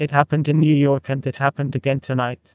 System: TTS, neural waveform model